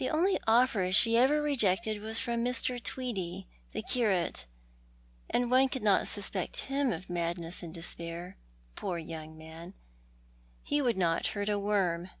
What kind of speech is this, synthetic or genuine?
genuine